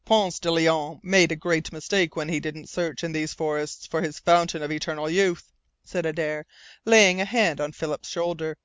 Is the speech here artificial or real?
real